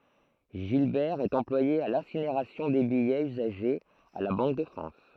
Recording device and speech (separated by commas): throat microphone, read sentence